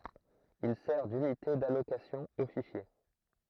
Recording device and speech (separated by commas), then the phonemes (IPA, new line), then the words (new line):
throat microphone, read sentence
il sɛʁ dynite dalokasjɔ̃ o fiʃje
Il sert d'unité d'allocation aux fichiers.